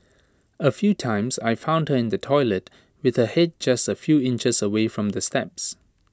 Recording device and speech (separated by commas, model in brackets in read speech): standing microphone (AKG C214), read sentence